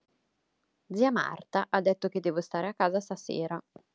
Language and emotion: Italian, neutral